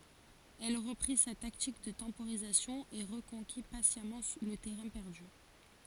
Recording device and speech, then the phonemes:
forehead accelerometer, read sentence
ɛl ʁəpʁi sa taktik də tɑ̃poʁizasjɔ̃ e ʁəkɔ̃ki pasjamɑ̃ lə tɛʁɛ̃ pɛʁdy

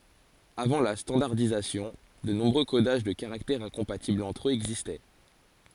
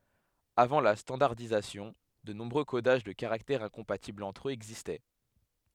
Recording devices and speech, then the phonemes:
forehead accelerometer, headset microphone, read sentence
avɑ̃ la stɑ̃daʁdizasjɔ̃ də nɔ̃bʁø kodaʒ də kaʁaktɛʁz ɛ̃kɔ̃patiblz ɑ̃tʁ øz ɛɡzistɛ

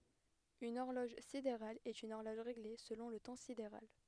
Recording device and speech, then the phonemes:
headset microphone, read sentence
yn ɔʁlɔʒ sideʁal ɛt yn ɔʁlɔʒ ʁeɡle səlɔ̃ lə tɑ̃ sideʁal

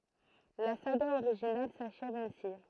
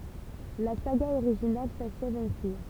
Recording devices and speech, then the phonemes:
throat microphone, temple vibration pickup, read sentence
la saɡa oʁiʒinal saʃɛv ɛ̃si

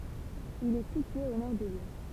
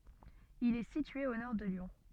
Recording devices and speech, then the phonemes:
temple vibration pickup, soft in-ear microphone, read sentence
il ɛ sitye o nɔʁ də ljɔ̃

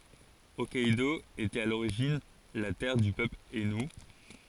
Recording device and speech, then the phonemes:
forehead accelerometer, read sentence
ɔkkɛdo etɛt a loʁiʒin la tɛʁ dy pøpl ainu

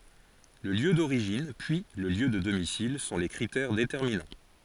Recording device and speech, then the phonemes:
forehead accelerometer, read sentence
lə ljø doʁiʒin pyi lə ljø də domisil sɔ̃ le kʁitɛʁ detɛʁminɑ̃

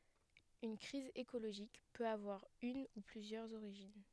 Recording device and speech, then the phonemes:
headset microphone, read sentence
yn kʁiz ekoloʒik pøt avwaʁ yn u plyzjœʁz oʁiʒin

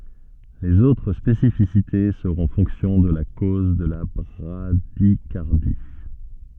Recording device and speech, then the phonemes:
soft in-ear microphone, read sentence
lez otʁ spesifisite səʁɔ̃ fɔ̃ksjɔ̃ də la koz də la bʁadikaʁdi

